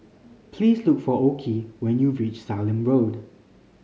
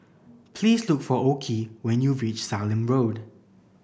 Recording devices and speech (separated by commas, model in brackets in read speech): mobile phone (Samsung C5010), boundary microphone (BM630), read sentence